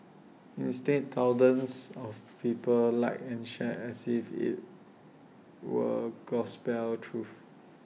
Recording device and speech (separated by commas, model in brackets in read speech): mobile phone (iPhone 6), read sentence